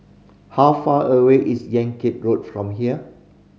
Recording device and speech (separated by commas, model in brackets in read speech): mobile phone (Samsung C5010), read sentence